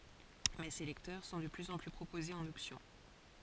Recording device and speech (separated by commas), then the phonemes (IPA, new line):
forehead accelerometer, read sentence
mɛ se lɛktœʁ sɔ̃ də plyz ɑ̃ ply pʁopozez ɑ̃n ɔpsjɔ̃